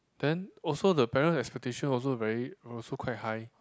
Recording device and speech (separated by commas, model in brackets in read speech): close-talking microphone, conversation in the same room